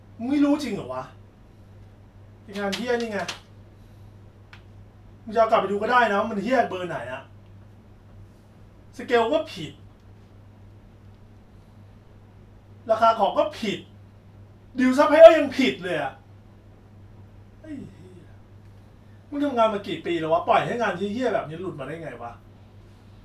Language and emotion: Thai, angry